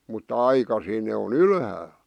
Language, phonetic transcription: Finnish, mutta 'aikasiin ne o"n ‿ylhääl .
- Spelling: mutta aikaisin ne on ylhäällä

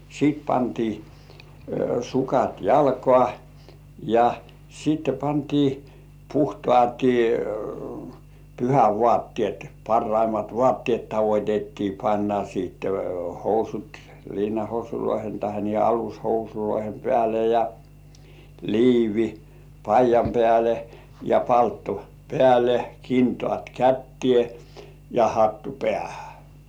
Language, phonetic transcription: Finnish, sìt pantii 'sukat "jalkŏà , ja sitte pantii , 'puhtŏàti 'pyhä"vŏàttĭèt , 'parraimat "vŏàttĭèt tavot́ettii panna siitte 'housut , liinahousuloihe tahe niihe 'alushousuloihem pĕä̀le ja , 'liivi "paij̆jam 'pĕä̀le , ja 'paltto "pĕä̀le , 'kintŏàt "kättĭè , ja 'hattu "pĕä̀hᴀ̈ .
- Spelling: sitten pantiin sukat jalkaan ja sitten pantiin puhtaat pyhävaatteet parhaimmat vaatteet tavoitettiin panna sitten housut liinahousujen tai niiden alushousujen päälle ja liivi paidan päälle ja palttoo päälle kintaat käteen ja hattu päähän

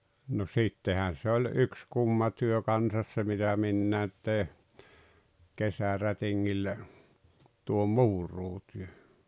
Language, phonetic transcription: Finnish, no 'sittehän̬ se oĺ 'yks 'kumma työ 'kansas se mitä 'minnäät tèi , 'kesärätiŋŋillä , tuo "muur̀uutyö .
- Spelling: no sittenhän se oli yksi kumma työ kanssa se mitä minäkin tein kesärätingillä tuo muuraustyö

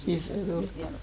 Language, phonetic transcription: Finnish, nii se ol .
- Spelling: niin se oli

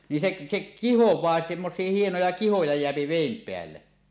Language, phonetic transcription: Finnish, ni sek , sek kihoẁaa semmos̀ie 'hienoja "kihoja jeäpi "vèim 'peälle .
- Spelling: niin se se kihoaa semmoisia hienoja kihoja jää veden päälle

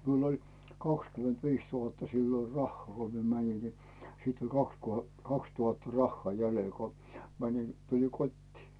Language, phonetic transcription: Finnish, 'miul ‿oĺ , 'kakskyment'viis 'tuhatta siilo "rahhᵒà ko mie 'mäńin ni , sit ‿oĺ 'kaks ko , 'kakstuhatta "rahhaa 'jälel ko , 'mäńin , 'tuliŋ "kot́tii .
- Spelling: minulla oli kaksikymmentäviisi tuhatta silloin rahaa kun minä menin niin sitten oli kaksi kun kaksituhatta rahaa jäljellä kun menin tulin kotiin

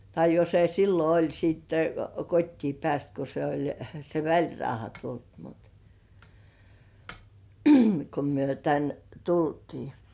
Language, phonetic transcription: Finnish, tai jo se sillo oĺ sitte , "kot́tii 'pĕä̀st ko se oĺ se "väĺrauha 'tult mut , ko myö 'tän , "tultii .
- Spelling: tai jo se silloin oli sitten kotiin päässyt kun se oli se välirauha tullut mutta kun me tänne tultiin

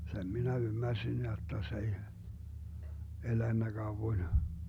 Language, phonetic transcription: Finnish, 'sem minä 'ymmärsin jotta 's ‿ei , 'elännä 'Gauwoⁱn .
- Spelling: sen minä ymmärsin jotta se ei elänyt kauan

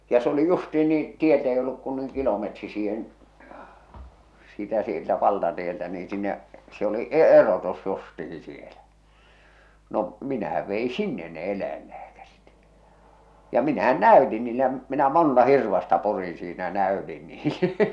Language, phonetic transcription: Finnish, ja s ‿oli 'justiin nii , 'tieltɛ ei olluk kun nuiŋ 'kilometri siihen , sitä sieltä 'valtatieltä nii 'sinne’ , se oli '’e- '’erotus justihi sielä , no , minähäv vei "sinnen ne "el̆läillääkärit , ja 'minähän "nä̀y̬tin niile ja minä "monta 'hirvasta 'purin̬ siinä ja 'nä̀ötin niile .
- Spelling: ja se oli justiin niin tieltä ei ollut kuin noin kilometri siihen sitä sieltä valtatieltä niin sinne se oli - erotus justiin siellä no minähän vei sinne ne eläinlääkärit ja minähän näytin niille ja minä monta hirvasta purin siinä ja näytin niille

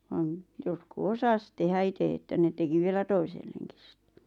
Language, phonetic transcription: Finnish, van ; 'jotku "osas tehä 'ite että ne 'teki vielä "toiselleŋkis sɪttᴇ .
- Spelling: vaan jotkut osasi tehdä itse että ne teki vielä toisellekin sitten

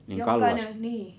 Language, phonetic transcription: Finnish, 'niiŋ 'Kallasa
- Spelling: niin Kallassa

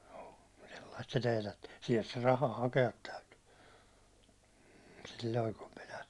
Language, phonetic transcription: Finnish, joo , sellaist se 'teetättɪ , siɛlt se 'raha "hake₍at 'täytyy , silloi kum minä ,.
- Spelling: joo sellaista se teetätti sieltä se raha hakea täytyi silloin kun minä

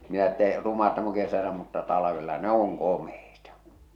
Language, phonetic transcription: Finnish, minä ‿ᵉttä , » 'ruma täm ‿oŋ kesälä mutta 'talavella "ne ‿oŋ 'komeita . «
- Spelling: minä että ruma tämä on kesällä mutta talvella ne on komeita

